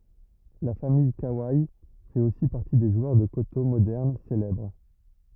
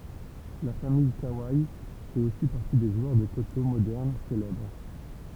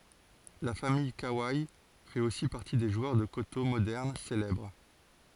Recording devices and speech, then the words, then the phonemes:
rigid in-ear microphone, temple vibration pickup, forehead accelerometer, read sentence
La famille Kawai fait aussi partie des joueurs de koto moderne célèbres.
la famij kawe fɛt osi paʁti de ʒwœʁ də koto modɛʁn selɛbʁ

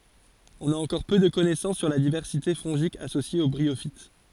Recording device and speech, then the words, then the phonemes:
forehead accelerometer, read sentence
On a encore peu de connaissances sur la diversité fongique associée aux bryophytes.
ɔ̃n a ɑ̃kɔʁ pø də kɔnɛsɑ̃s syʁ la divɛʁsite fɔ̃ʒik asosje o bʁiofit

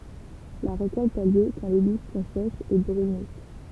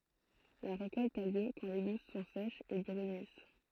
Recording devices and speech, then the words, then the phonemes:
temple vibration pickup, throat microphone, read sentence
La récolte a lieu quand les gousses sont sèches et brunissent.
la ʁekɔlt a ljø kɑ̃ le ɡus sɔ̃ sɛʃz e bʁynis

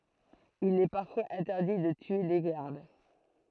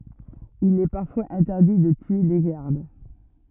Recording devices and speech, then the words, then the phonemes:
throat microphone, rigid in-ear microphone, read sentence
Il est parfois interdit de tuer les gardes.
il ɛ paʁfwaz ɛ̃tɛʁdi də tye le ɡaʁd

